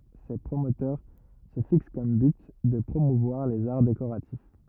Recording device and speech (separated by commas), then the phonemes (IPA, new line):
rigid in-ear microphone, read sentence
se pʁomotœʁ sə fiks kɔm byt də pʁomuvwaʁ lez aʁ dekoʁatif